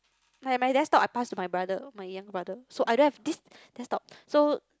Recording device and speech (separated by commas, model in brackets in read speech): close-talking microphone, conversation in the same room